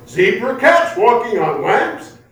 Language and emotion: English, surprised